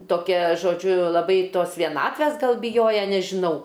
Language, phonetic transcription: Lithuanian, toˈkia žoˈdžiu laˈbai ˈtos vieˈnatvæs ˈgal biˈjoja nežiˈnau

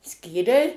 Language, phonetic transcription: Lithuanian, ˈskyriai

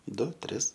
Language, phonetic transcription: Lithuanian, ˈdu ˈtris

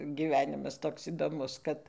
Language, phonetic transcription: Lithuanian, gyˈvenimas ˈtoks įdoˈmus ˈkad

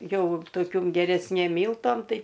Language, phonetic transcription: Lithuanian, ˈjau toˈkium geresˈnėm ˈmyltom ˈtai

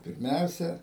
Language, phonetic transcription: Lithuanian, pirˈmiausia

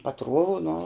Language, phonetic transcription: Lithuanian, paˈtruovu nu

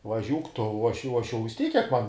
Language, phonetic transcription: Lithuanian, vaˈžiūk tu o ˈaš jau o ˈaš jau vis ˈtyk kiek man

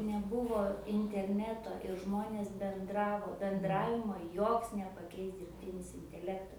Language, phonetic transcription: Lithuanian, neˈbuvo interˈneto ir ˈžmonės benˈdravo benˈdravimo ˈjoks nepaˈkeis dirbˈtinis inteˈlekta

